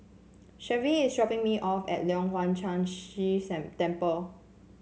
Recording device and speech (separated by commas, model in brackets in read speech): mobile phone (Samsung C7), read sentence